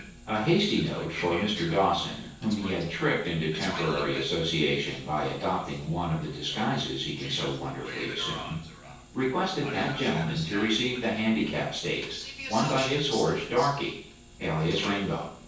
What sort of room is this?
A sizeable room.